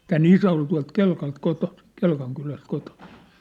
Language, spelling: Finnish, tämän isä oli tuolta Kelkalta kotoisin Kelkan kylästä kotoisin
- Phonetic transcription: tää"n ‿isä ol tua̭lt "Kelkalt 'kotosɪ , 'Kelkaŋ 'kyläst kotosɪ .

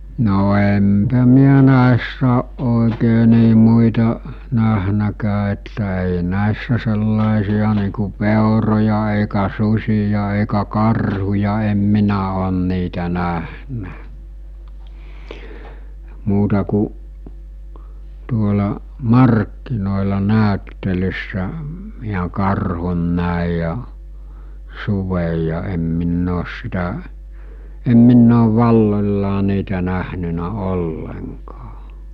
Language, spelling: Finnish, no enpä minä näissä ole oikein niin muita nähnytkään että ei näissä sellaisia niin kuin peuroja eikä susia eikä karhuja en minä ole niitä nähnyt muuta kuin tuolla markkinoilla näyttelyssä minä karhun näin ja suden ja en minä ole sitä en minä olen valloillaan niitä nähnyt ollenkaan
- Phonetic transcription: no empä miä 'nä̀essä oˀ ˀòekee nii muita , 'nähnäkää että èi 'nä̀issä sellàisi₍a nii ku "pèoroja èikä "sus̜ija èikä "karhuja em 'minä òn niitä nähnä , 'muuta ku , tuola , "markkinòela 'nä̀öttelyssä , miä 'karhun nä̀i ja , 'suvej ja em minn ‿oos sitä , em 'minn ‿oov 'valloĺlaa niitä nähnynä 'olleŋkaa .

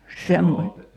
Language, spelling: Finnish, -
- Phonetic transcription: 'semmo- ,.

